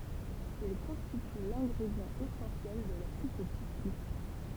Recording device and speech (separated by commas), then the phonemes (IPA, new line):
temple vibration pickup, read sentence
il kɔ̃stity lɛ̃ɡʁedjɑ̃ esɑ̃sjɛl də la sup o pistu